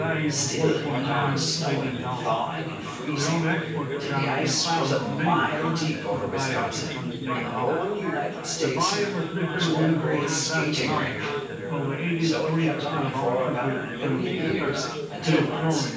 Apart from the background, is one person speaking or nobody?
One person.